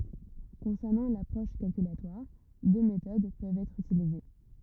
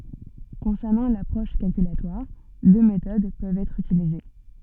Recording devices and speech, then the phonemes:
rigid in-ear microphone, soft in-ear microphone, read sentence
kɔ̃sɛʁnɑ̃ lapʁɔʃ kalkylatwaʁ dø metod pøvt ɛtʁ ytilize

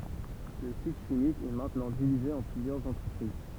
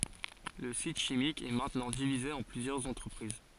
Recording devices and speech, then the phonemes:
temple vibration pickup, forehead accelerometer, read sentence
lə sit ʃimik ɛ mɛ̃tnɑ̃ divize ɑ̃ plyzjœʁz ɑ̃tʁəpʁiz

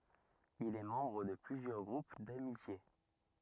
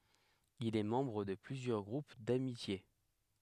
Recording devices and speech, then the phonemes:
rigid in-ear microphone, headset microphone, read sentence
il ɛ mɑ̃bʁ də plyzjœʁ ɡʁup damitje

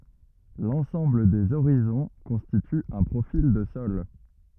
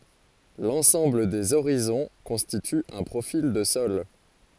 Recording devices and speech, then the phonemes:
rigid in-ear microphone, forehead accelerometer, read sentence
lɑ̃sɑ̃bl dez oʁizɔ̃ kɔ̃stity œ̃ pʁofil də sɔl

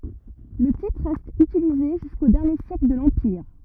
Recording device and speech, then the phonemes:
rigid in-ear microphone, read sentence
lə titʁ ʁɛst ytilize ʒysko dɛʁnje sjɛkl də lɑ̃piʁ

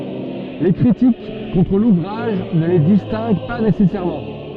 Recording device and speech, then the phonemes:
soft in-ear microphone, read sentence
le kʁitik kɔ̃tʁ luvʁaʒ nə le distɛ̃ɡ pa nesɛsɛʁmɑ̃

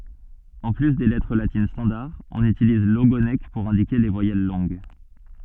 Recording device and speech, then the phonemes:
soft in-ear microphone, read sentence
ɑ̃ ply de lɛtʁ latin stɑ̃daʁ ɔ̃n ytiliz loɡonk puʁ ɛ̃dike le vwajɛl lɔ̃ɡ

